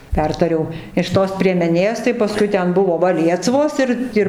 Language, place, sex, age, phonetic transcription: Lithuanian, Dzūkija, female, 60+, ˈpertariau iš ˈtos priemeˈnės tai paˈskui ˈten ˈbuvo ˈva ˈliesvos ˈir ˈir

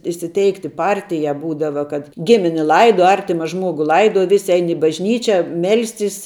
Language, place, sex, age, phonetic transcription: Lithuanian, Žemaitija, female, 18-60, įsiˈteikti ˈpartijā ˈbūdava kad ˈgimini ˈlaiduo ˈartima ˈžmuogu ˈlaiduo ˈvisi ˈein i bažˈnyčia ˈmelstis

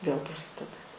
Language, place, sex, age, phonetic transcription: Lithuanian, Aukštaitija, female, 18-60, vėl praˈsideda

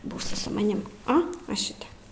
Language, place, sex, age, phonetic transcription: Lithuanian, Aukštaitija, female, 18-60, ˈbūsi su maˈnim o va ˈšitep

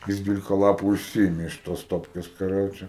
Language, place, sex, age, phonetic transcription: Lithuanian, Aukštaitija, male, 18-60, ˈjis ˈdvylika ˈlapu išˈsiėmė iš ˈtos ˈstopkės kaˈroče

